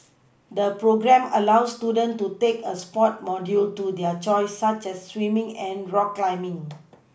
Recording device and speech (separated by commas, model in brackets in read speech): boundary microphone (BM630), read sentence